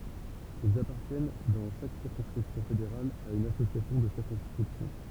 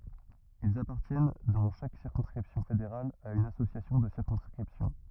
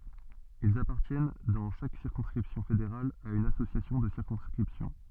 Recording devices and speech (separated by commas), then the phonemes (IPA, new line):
temple vibration pickup, rigid in-ear microphone, soft in-ear microphone, read sentence
ilz apaʁtjɛn dɑ̃ ʃak siʁkɔ̃skʁipsjɔ̃ fedeʁal a yn asosjasjɔ̃ də siʁkɔ̃skʁipsjɔ̃